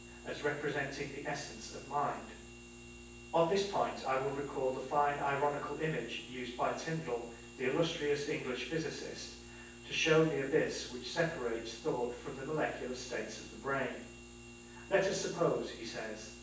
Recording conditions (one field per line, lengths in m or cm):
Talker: one person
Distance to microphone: 9.8 m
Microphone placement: far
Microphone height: 1.8 m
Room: large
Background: none